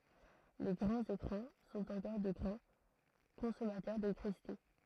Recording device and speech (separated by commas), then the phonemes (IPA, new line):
throat microphone, read sentence
le ɡʁɑ̃z ekʁɑ̃ sɔ̃t ɑ̃kɔʁ də ɡʁɑ̃ kɔ̃sɔmatœʁ delɛktʁisite